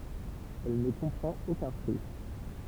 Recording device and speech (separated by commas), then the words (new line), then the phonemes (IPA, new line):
temple vibration pickup, read sentence
Elle ne comprend aucun fruit.
ɛl nə kɔ̃pʁɑ̃t okœ̃ fʁyi